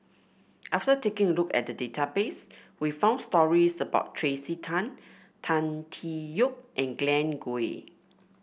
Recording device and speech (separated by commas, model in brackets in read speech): boundary microphone (BM630), read sentence